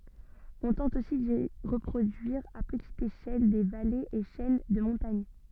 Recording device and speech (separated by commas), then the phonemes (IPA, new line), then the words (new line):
soft in-ear microphone, read sentence
ɔ̃ tɑ̃t osi di ʁəpʁodyiʁ a pətit eʃɛl de valez e ʃɛn də mɔ̃taɲ
On tente aussi d'y reproduire à petite échelle des vallées et chaînes de montagnes.